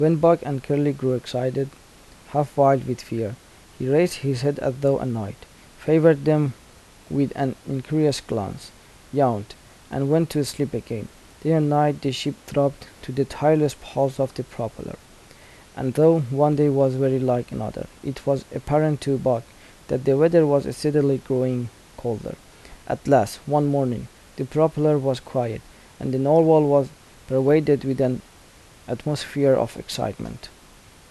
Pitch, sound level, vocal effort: 140 Hz, 80 dB SPL, soft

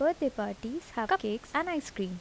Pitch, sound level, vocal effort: 230 Hz, 79 dB SPL, soft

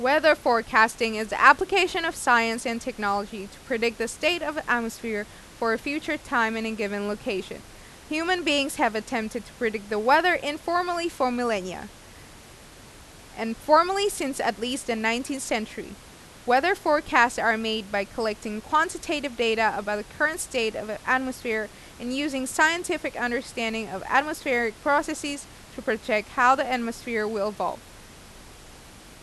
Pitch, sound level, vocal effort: 240 Hz, 90 dB SPL, loud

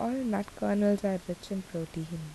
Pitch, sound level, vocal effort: 195 Hz, 76 dB SPL, soft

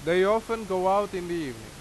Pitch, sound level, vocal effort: 185 Hz, 94 dB SPL, very loud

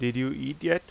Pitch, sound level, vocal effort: 135 Hz, 87 dB SPL, loud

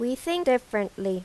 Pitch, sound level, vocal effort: 240 Hz, 87 dB SPL, loud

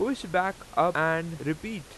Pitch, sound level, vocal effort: 175 Hz, 93 dB SPL, very loud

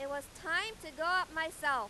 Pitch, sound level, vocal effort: 320 Hz, 102 dB SPL, very loud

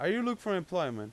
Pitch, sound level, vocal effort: 180 Hz, 92 dB SPL, loud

